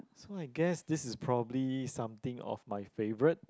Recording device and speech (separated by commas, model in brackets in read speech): close-talking microphone, conversation in the same room